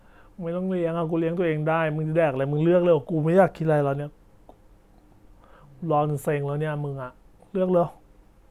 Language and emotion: Thai, frustrated